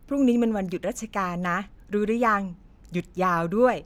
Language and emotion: Thai, happy